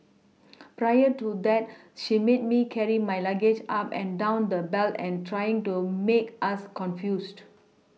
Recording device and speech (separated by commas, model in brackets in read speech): mobile phone (iPhone 6), read sentence